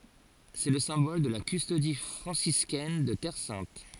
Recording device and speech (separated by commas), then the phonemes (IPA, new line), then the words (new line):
forehead accelerometer, read sentence
sɛ lə sɛ̃bɔl də la kystodi fʁɑ̃siskɛn də tɛʁ sɛ̃t
C'est le symbole de la Custodie franciscaine de Terre sainte.